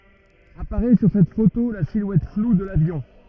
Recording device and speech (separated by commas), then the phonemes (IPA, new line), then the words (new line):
rigid in-ear microphone, read sentence
apaʁɛ syʁ sɛt foto la silwɛt flu də lavjɔ̃
Apparaît sur cette photo la silhouette floue de l'avion.